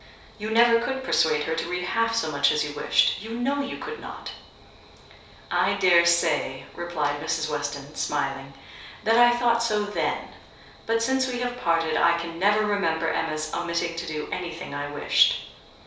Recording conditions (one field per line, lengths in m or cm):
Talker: one person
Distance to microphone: 3.0 m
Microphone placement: far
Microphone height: 1.8 m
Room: small (3.7 m by 2.7 m)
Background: none